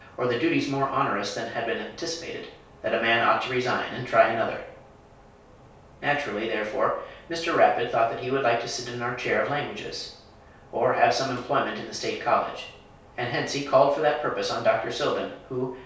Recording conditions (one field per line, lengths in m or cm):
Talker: one person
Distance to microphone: 3.0 m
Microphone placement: far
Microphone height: 1.8 m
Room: small (3.7 m by 2.7 m)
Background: none